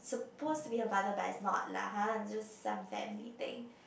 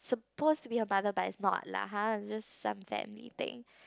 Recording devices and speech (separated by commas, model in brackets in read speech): boundary microphone, close-talking microphone, conversation in the same room